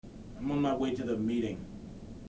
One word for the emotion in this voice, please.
neutral